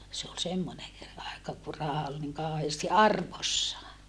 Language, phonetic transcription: Finnish, se ol semmone , aeka ku raha ol niŋ kàoheesti arvossaa .
- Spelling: se oli semmoinen aika kun raha oli niin kauheasti arvossaan

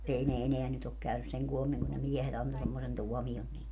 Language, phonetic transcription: Finnish, 'ei ne 'eneä nyt ‿ok 'käynys seŋ 'kuomiŋ kun ne 'miehet ‿anto semmosen 'tuɔmi₍on niille .
- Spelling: ei ne enää nyt ole käynyt sen koommin kun ne miehet antoi semmoisen tuomion niille

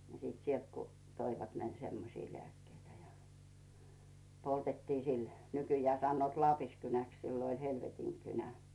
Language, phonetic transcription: Finnish, ni sit 'sielt ku toivat 'semmosi lᵉä̀kkeitä ja , 'poltettii "sil , 'nykyjää sannoot "Laapiskynäks 'siilo oĺ "helvetiŋkynä .
- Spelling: niin sitten sieltä kun toivat semmoisia lääkkeitä ja poltettiin sillä nykyään sanovat Laapiskynäksi silloin oli helvetinkynä

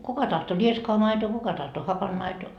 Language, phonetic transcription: Finnish, 'kuka tahto "rieskoa 'maitoo 'kuka tahto "hapanmaitoo .
- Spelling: kuka tahtoi rieskaa maitoa kuka tahtoi hapanmaitoa

